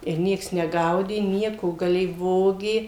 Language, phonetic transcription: Lithuanian, ir ˈnieks neˈgaudė ˈnieko gaˈlėj ˈvogė

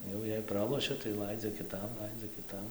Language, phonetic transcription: Lithuanian, ˈjau jei ˈpralošia tai ˈlaidzia kiˈtam ˈlaidzia kiˈtam

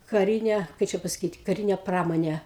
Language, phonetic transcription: Lithuanian, kaˈrinė ˈkai čia pasaˈkyt kaˈrinė ˈpramonė

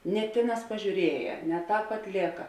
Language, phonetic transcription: Lithuanian, ne ˈtėˌnās pažiūˈrieja ne ˈtāp atˈlėka

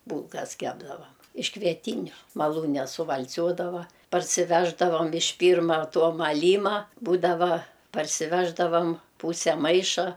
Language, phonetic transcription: Lithuanian, ˈbūlkas ˈkepdavam iš kvieˈtyniu maˈlūne suval'ˈciuodava parsiˈveždavam iš ˈpyrma ˈto maˈlyma ˈbūdava parsiˈveždavam ˈpūse ˈmaiša

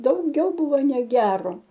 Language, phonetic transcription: Lithuanian, dauˈgiau ˈbuvo neˈgero

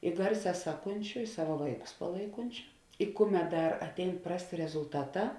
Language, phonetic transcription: Lithuanian, i ˈgarˌsē ˈsaˌkunčiu i ˈsava ˈvaiˌkus paˈlaikunčiu i ˈkuˌmet ˈdar atˈein ˈprasˌtė rezulˈtaˌtā

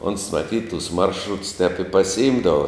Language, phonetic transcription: Lithuanian, ons maˈtyt tus ˈmaršruts tep i pasiˈimdava

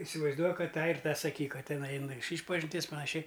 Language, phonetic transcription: Lithuanian, isivaizˈduok ˈkad ˈtą ir ˈtą saˈkyk ˈkad ˈtinai aiˈnu ˈaš ˈyšpažinties panaˈšiai

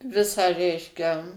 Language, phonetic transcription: Lithuanian, ˈvisą ˈreiškia

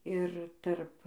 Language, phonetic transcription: Lithuanian, ir tarp

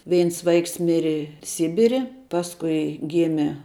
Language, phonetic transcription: Lithuanian, ˈveins ˈvaiks ˈmiri ˈsibiri ˈpaskui ˈgimė

